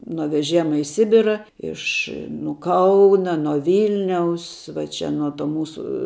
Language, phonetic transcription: Lithuanian, nuo veˈžėma i ˈsibira ˈiš nu ˈkauna nuo ˈvilniaus va ˈčia nuo ˈto ˈmūsu

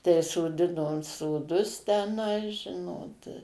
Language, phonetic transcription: Lithuanian, tai soˈdinom soˈdus teˈnai ˈžinot

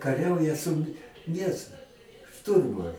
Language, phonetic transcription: Lithuanian, kaˈriauja su nes ˈšturmu

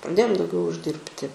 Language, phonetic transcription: Lithuanian, praˈdėjom dauˈgiau užˈdirbti

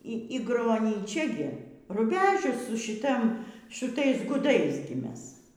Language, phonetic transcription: Lithuanian, ˈy ˈy gronyˈčia gi ruˈbežius su šiˈta šuˈtais guˈdais gi ˈmes

